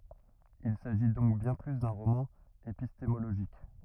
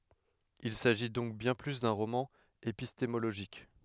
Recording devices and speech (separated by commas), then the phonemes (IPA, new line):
rigid in-ear microphone, headset microphone, read sentence
il saʒi dɔ̃k bjɛ̃ ply dœ̃ ʁomɑ̃ epistemoloʒik